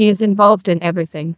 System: TTS, neural waveform model